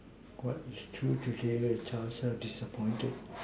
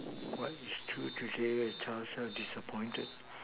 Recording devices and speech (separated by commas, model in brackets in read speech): standing microphone, telephone, conversation in separate rooms